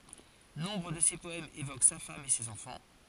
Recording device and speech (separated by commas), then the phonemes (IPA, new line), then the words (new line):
forehead accelerometer, read sentence
nɔ̃bʁ də se pɔɛmz evok sa fam e sez ɑ̃fɑ̃
Nombre de ses poèmes évoquent sa femme et ses enfants.